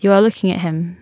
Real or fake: real